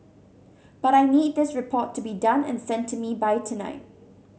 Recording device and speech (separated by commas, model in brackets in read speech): mobile phone (Samsung C7100), read sentence